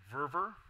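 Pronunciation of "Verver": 'Verver' is pronounced to sound like 'fervor'.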